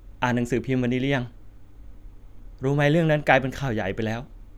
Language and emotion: Thai, neutral